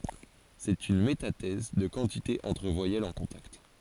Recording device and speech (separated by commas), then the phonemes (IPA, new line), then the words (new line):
forehead accelerometer, read sentence
sɛt yn metatɛz də kɑ̃tite ɑ̃tʁ vwajɛlz ɑ̃ kɔ̃takt
C'est une métathèse de quantité entre voyelles en contact.